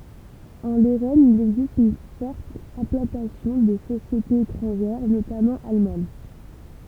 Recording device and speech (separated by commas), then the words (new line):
temple vibration pickup, read sentence
En Lorraine il existe une forte implantation de sociétés étrangères, notamment allemandes.